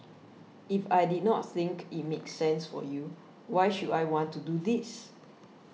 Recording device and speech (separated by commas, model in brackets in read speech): mobile phone (iPhone 6), read sentence